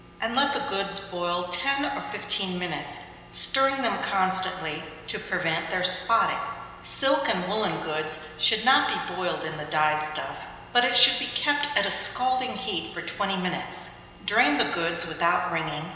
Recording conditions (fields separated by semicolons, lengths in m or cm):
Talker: one person; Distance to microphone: 1.7 m; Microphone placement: close; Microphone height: 1.0 m; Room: very reverberant, large; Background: none